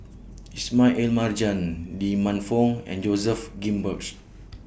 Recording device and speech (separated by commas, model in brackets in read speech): boundary microphone (BM630), read sentence